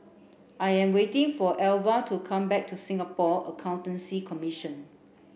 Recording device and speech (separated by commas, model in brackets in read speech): boundary microphone (BM630), read sentence